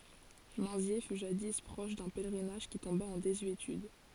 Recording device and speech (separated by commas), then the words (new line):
forehead accelerometer, read sentence
Minzier fut jadis proche d'un pèlerinage qui tomba en désuétude.